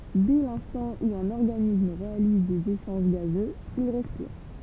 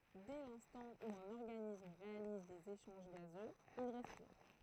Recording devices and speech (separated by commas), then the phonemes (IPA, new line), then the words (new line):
temple vibration pickup, throat microphone, read sentence
dɛ lɛ̃stɑ̃ u œ̃n ɔʁɡanism ʁealiz dez eʃɑ̃ʒ ɡazøz il ʁɛspiʁ
Dès l'instant où un organisme réalise des échanges gazeux, il respire.